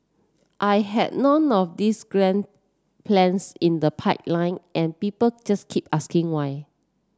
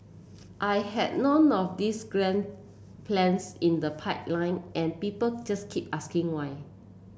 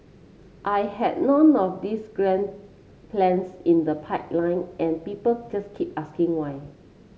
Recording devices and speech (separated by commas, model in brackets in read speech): standing microphone (AKG C214), boundary microphone (BM630), mobile phone (Samsung C7), read sentence